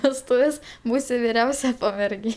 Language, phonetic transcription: Lithuanian, vesˈtuvės ˈbūsi viˈriausia pamerˈgė

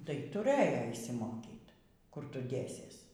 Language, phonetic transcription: Lithuanian, tai tuˈrɘjo išsiˈmokyt ˈkur ˈtu ˈdėsies

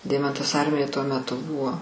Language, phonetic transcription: Lithuanian, ˈdeimantas ˈarmijoj tuo meˈtu ˈbuvo

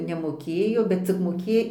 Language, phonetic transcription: Lithuanian, nemoˈkėjo bet cik moˈkė

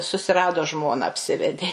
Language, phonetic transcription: Lithuanian, susiˈrado ˈžmona apˈsivedė

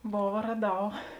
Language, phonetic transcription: Lithuanian, ˈbova raˈdau

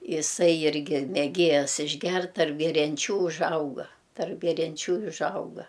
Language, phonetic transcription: Lithuanian, iˈsai irˈgi meˈgėjas išˈgert tarp gerianˈčių užˈauga tarp gerianˈčių i užˈauga

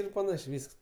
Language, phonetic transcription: Lithuanian, ˈir paˈnašė ˈvysks

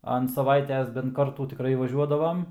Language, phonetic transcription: Lithuanian, ant saˈvaites bent ˈkartų tiˈkrai vaˈžiuodavam

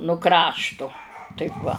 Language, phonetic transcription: Lithuanian, nu ˈkraštu ˈtaip va

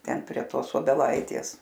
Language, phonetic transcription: Lithuanian, ˈten prie ˈtos obeˈlaitės

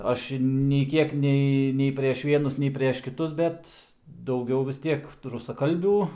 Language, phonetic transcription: Lithuanian, ˈaš i nei ˈkiek ˈnei nei prieš ˈvienus nei prieš kiˈtus ˈbet dauˈgiau vis ˈtiek rusaˈkalbių

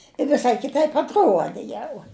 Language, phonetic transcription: Lithuanian, i viˈsai kiˈtaip atˈruodi ˈjau

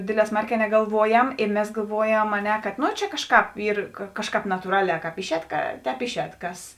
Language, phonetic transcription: Lithuanian, ˈdėdˌlē ˈsmarˌkē negalˈvuojam i ˈmes galˈvuojam a ˈne kad ˈno ˈčia ˈkažˌkāp ˈyr ˈkažˌkāp natūˈraˌlē ˈkāp ˈišˌēt ka ˈtēp ˈišˌēt ˈkas

